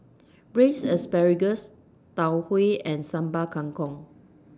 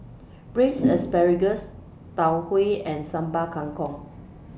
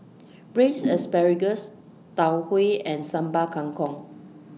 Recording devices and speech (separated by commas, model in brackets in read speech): standing microphone (AKG C214), boundary microphone (BM630), mobile phone (iPhone 6), read sentence